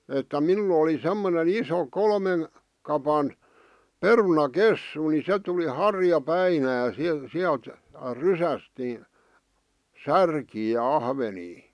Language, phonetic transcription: Finnish, että 'minul ‿oli 'semmone"n ‿iso 'kolmen , kapan , "peruna"kessu ni 'se tuli "harja'päinä si- siält , 'rysäst ni , "särkii ja 'ahvenii .
- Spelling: että minulla oli semmoinen iso kolmen kapan perunakessu niin se tuli harjapäinä - sieltä rysästä niin särkiä ja ahvenia

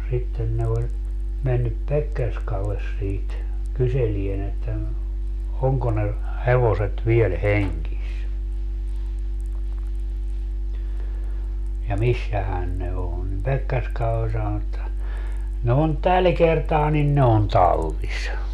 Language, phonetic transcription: Finnish, sitten ne oĺ , mennyp "Pekkerskalles siit , 'kyselien ‿että » no , 'oŋko ne , 'hevoset 'viel "heŋkis , ja 'missähän ne 'oo̰ » nim 'Pekkerska oĺ 'sanon ‿että , » ne on "täl 'kertaa nin ne on "tallis .
- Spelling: sitten ne oli mennyt Pekkerskalle siitä kyselemään että no onko ne hevoset vielä hengissä ja missähän ne on niin Pekkerska oli sanonut että ne on tällä kertaa niin ne on tallissa

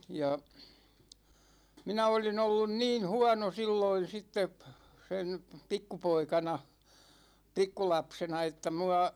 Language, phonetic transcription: Finnish, 'ja , 'minä olin ‿ollun "niin̬ 'huåno 'silloin̬ 'sittep , 'sen̬ , 'pikkupoikana , 'pikkulapsena että 'mua ,.
- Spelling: ja minä olin ollut niin huono silloin sitten sen pikkupoikana pikkulapsena että minua

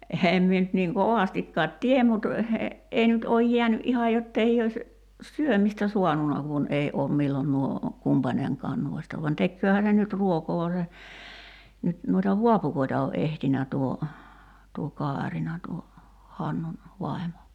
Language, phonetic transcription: Finnish, 'eheem mie nyt niiŋ 'kovastikkaat "tiem mut , 'ei nyt ooj 'jiäny’ "’iha jottei ois , "syömistä 'suanuna kun ei oom 'millon nuo , 'kumpaneŋkaan 'nuoista van 'tekkööhä ne nyt "ruokoo (va) se , 'nyt , nuita "vuapukoita o '’ehtinä tuo , tuo "Kaarina tuo , 'Hannun , 'vai̬mo .
- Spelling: en minä nyt niin kovastikaan tiedä mutta ei nyt ole jäänyt ihan jotta ei olisi syömistä saanut kun ei ole milloin nuo kumpainenkaan noista vaan tekeehän ne nyt ruokaa vaan se nyt noita vaapukoita on etsinyt tuo tuo Kaarina tuo Hannun vaimo

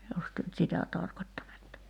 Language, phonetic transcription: Finnish, jos työ nyt "sitä 'tarkot́tanetta ?
- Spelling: jos te nyt sitä tarkoittanette

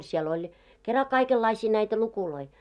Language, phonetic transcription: Finnish, siel ‿oĺ , kera 'kaikellaisii näitä 'lukuloi .
- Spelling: siellä oli kera kaikenlaisia näitä lukuja

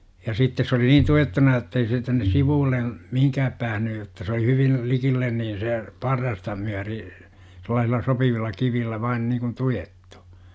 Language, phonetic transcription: Finnish, ja 'sittes sᵉ oli "niin 'tuettuna jottei see tännes 'sivuullen̬ , 'mihiŋkääp 'päähny jotta se oli 'hyvin , 'likillen niin̬ 'se , "parrasta myäri , sel̆laasilla 'sopivilla 'kivillä 'vain niikun "tujettU .
- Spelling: ja sitten se oli niin tuettuna jotta ei se tänne sivulle mihinkään päässyt jotta se oli hyvin likelle niin se parrasta myöten sellaisilla sopivilla kivillä vain niin kuin tuettu

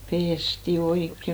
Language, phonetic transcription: Finnish, "pesti 'oikke !
- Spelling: pestiin oikein

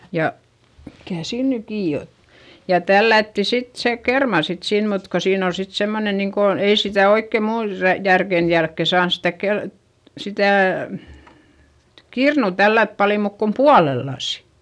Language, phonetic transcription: Finnish, ja , mikä̀ siin ny kii ot ja tällätti sit se kerma sit sin - mut ko siin ‿ol sit semmone niŋko , ei sitä̀ oikke muun rä- , järken jälkke saans stä kel- , sitä̀ , kirnù tällät pali muuk kom pualellasI .
- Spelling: ja mikä siinä nyt kiinni otti ja tällättiin sitten se kerma sitten sinne mutta kun siinä oli sitten semmoinen niin kuin ei sitä oikein minun - järkeni jälkeen saanut sitä - sitä kirnua tällätä paljon muuta kuin puolellasin

